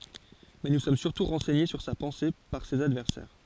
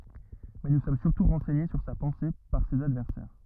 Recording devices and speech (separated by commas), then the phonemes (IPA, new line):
forehead accelerometer, rigid in-ear microphone, read sentence
mɛ nu sɔm syʁtu ʁɑ̃sɛɲe syʁ sa pɑ̃se paʁ sez advɛʁsɛʁ